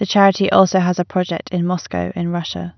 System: none